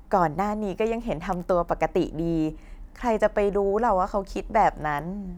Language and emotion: Thai, happy